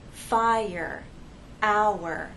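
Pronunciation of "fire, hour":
'Fire' and 'hour' each have two syllables. Each word has two vowel sounds with a glide between them, and the vowels stay separate instead of joining into one vowel sound.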